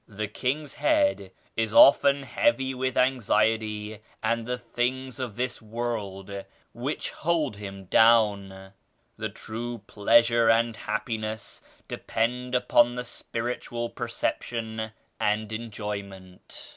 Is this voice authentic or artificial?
authentic